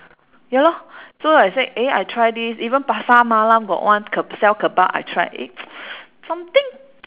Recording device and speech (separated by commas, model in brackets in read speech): telephone, conversation in separate rooms